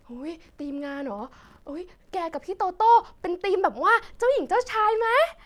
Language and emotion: Thai, happy